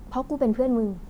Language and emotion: Thai, neutral